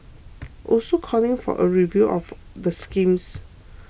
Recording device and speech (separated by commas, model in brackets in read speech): boundary microphone (BM630), read sentence